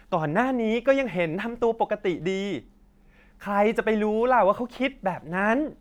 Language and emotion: Thai, frustrated